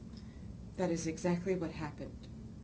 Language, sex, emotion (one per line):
English
female
neutral